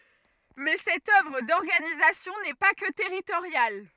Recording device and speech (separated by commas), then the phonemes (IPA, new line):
rigid in-ear microphone, read sentence
mɛ sɛt œvʁ dɔʁɡanizasjɔ̃ nɛ pa kə tɛʁitoʁjal